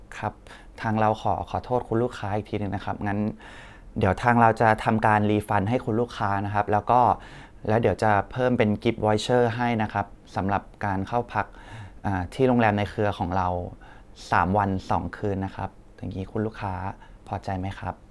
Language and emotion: Thai, sad